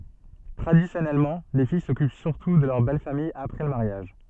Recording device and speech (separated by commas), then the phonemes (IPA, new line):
soft in-ear microphone, read sentence
tʁadisjɔnɛlmɑ̃ le fij sɔkyp syʁtu də lœʁ bɛl famij apʁɛ lə maʁjaʒ